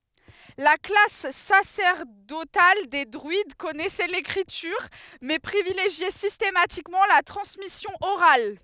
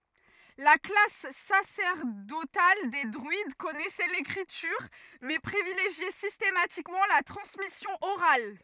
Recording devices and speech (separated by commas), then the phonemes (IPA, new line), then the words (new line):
headset microphone, rigid in-ear microphone, read sentence
la klas sasɛʁdotal de dʁyid kɔnɛsɛ lekʁityʁ mɛ pʁivileʒjɛ sistematikmɑ̃ la tʁɑ̃smisjɔ̃ oʁal
La classe sacerdotale des druides connaissait l'écriture, mais privilégiait systématiquement la transmission orale.